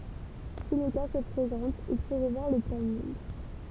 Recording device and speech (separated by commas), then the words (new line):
temple vibration pickup, read sentence
Si le cas se présente, il faut revoir le planning.